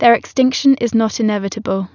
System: none